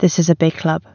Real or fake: real